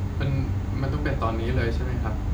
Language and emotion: Thai, frustrated